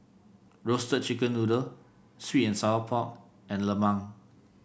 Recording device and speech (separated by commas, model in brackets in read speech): boundary microphone (BM630), read sentence